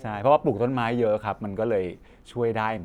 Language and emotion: Thai, neutral